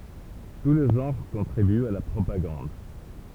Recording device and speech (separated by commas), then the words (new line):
temple vibration pickup, read sentence
Tous les genres contribuent à la propagande.